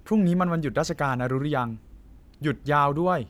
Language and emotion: Thai, frustrated